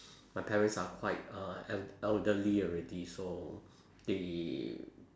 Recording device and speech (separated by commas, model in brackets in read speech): standing microphone, conversation in separate rooms